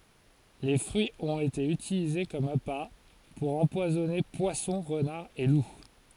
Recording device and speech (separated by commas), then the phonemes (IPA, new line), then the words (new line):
forehead accelerometer, read sentence
le fʁyiz ɔ̃t ete ytilize kɔm apa puʁ ɑ̃pwazɔne pwasɔ̃ ʁənaʁz e lu
Les fruits ont été utilisés comme appâts pour empoisonner poissons, renards et loups.